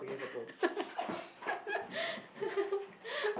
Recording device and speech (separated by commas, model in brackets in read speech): boundary microphone, conversation in the same room